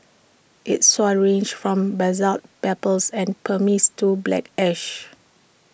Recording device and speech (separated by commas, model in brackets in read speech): boundary microphone (BM630), read sentence